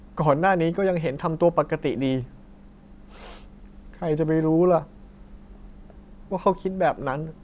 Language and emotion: Thai, sad